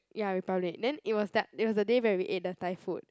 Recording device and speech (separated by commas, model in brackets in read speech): close-talking microphone, conversation in the same room